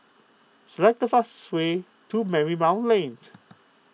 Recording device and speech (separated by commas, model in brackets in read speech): mobile phone (iPhone 6), read sentence